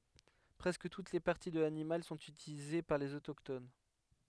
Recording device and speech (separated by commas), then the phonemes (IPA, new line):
headset microphone, read sentence
pʁɛskə tut le paʁti də lanimal sɔ̃t ytilize paʁ lez otokton